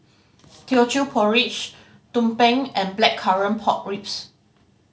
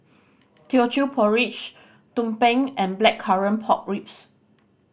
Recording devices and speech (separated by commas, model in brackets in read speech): mobile phone (Samsung C5010), boundary microphone (BM630), read sentence